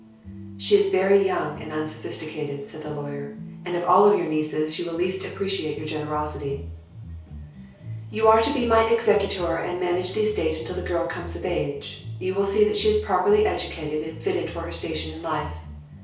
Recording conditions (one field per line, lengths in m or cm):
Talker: one person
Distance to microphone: 3.0 m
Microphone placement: far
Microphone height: 1.8 m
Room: small (3.7 m by 2.7 m)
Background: music